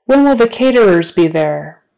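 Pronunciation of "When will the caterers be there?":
'When will the caterers be there?' is said slowly, not at a natural conversational speed.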